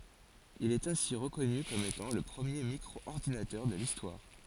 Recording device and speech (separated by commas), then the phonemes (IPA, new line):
forehead accelerometer, read sentence
il ɛt ɛ̃si ʁəkɔny kɔm etɑ̃ lə pʁəmje mikʁɔɔʁdinatœʁ də listwaʁ